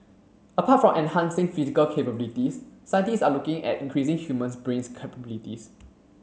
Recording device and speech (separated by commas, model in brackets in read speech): mobile phone (Samsung C7), read sentence